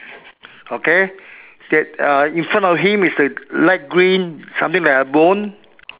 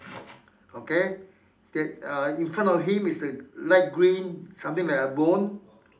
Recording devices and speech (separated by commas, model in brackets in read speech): telephone, standing microphone, conversation in separate rooms